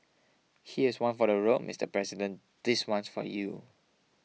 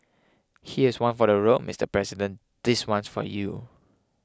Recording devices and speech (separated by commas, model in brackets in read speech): mobile phone (iPhone 6), close-talking microphone (WH20), read sentence